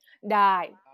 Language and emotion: Thai, frustrated